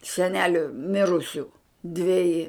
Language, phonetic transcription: Lithuanian, seˈneliu ˈmirusiu dveˈji

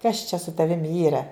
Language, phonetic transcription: Lithuanian, kas čia su taˈvim ˈyra

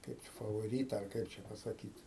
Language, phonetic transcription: Lithuanian, kaip favoˈryta ar ˈkaip čia pasaˈkyt

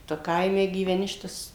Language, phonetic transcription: Lithuanian, ˈtu ˈkaime gyveˈni ˈšitas

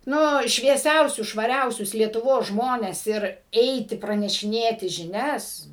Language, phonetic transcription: Lithuanian, ˈnu švieˈsiausius švaˈriausius lietuˈvos ˈžmones ˈir ˈeiti pranešiˈnėti žiˈnias

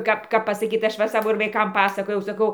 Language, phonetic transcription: Lithuanian, ˈkap ˈkap ˈkap pasaˈkyt ˈaš ˈva ir ˈsavo vaiˈkam pasaˈkojau saˈkau

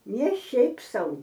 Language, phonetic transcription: Lithuanian, ne ˈšiaip ˈsau

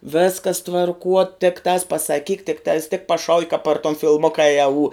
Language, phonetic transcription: Lithuanian, ˈvėskas tvarˈkuo tikˈtās pasaˈkyk tikˈtās tik paˈšauki kap par ton fiˈlmoka i aū

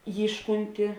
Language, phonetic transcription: Lithuanian, ˈjyškunti

